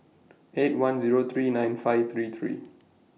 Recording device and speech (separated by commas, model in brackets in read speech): mobile phone (iPhone 6), read sentence